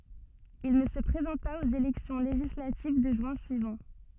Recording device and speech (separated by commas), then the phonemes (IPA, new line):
soft in-ear microphone, read sentence
il nə sə pʁezɑ̃t paz oz elɛksjɔ̃ leʒislativ də ʒyɛ̃ syivɑ̃